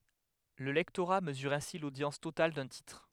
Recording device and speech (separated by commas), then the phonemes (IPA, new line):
headset microphone, read sentence
lə lɛktoʁa məzyʁ ɛ̃si lodjɑ̃s total dœ̃ titʁ